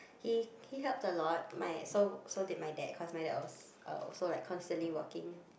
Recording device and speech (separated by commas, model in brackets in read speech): boundary microphone, conversation in the same room